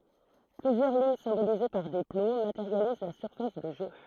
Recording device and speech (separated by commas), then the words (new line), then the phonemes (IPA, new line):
throat microphone, read sentence
Plusieurs lignes symbolisées par des plots, matérialisent la surface de jeu.
plyzjœʁ liɲ sɛ̃bolize paʁ de plo mateʁjaliz la syʁfas də ʒø